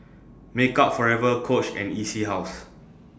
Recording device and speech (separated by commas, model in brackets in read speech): standing microphone (AKG C214), read sentence